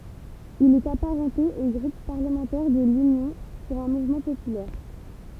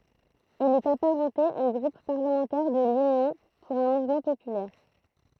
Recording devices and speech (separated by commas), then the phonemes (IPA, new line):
temple vibration pickup, throat microphone, read sentence
il ɛt apaʁɑ̃te o ɡʁup paʁləmɑ̃tɛʁ də lynjɔ̃ puʁ œ̃ muvmɑ̃ popylɛʁ